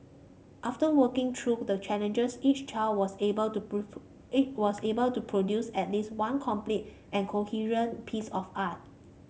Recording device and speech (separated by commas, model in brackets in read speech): mobile phone (Samsung C5), read sentence